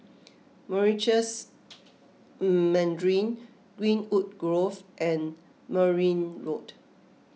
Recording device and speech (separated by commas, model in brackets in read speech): mobile phone (iPhone 6), read sentence